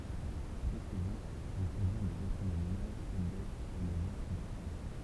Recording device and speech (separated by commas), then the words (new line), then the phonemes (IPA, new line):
temple vibration pickup, read sentence
Très souvent, il convient de retourner l'image tête-bêche pour le voir plus facilement.
tʁɛ suvɑ̃ il kɔ̃vjɛ̃ də ʁətuʁne limaʒ tɛt bɛʃ puʁ lə vwaʁ ply fasilmɑ̃